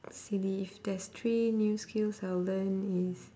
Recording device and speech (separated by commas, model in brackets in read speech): standing microphone, conversation in separate rooms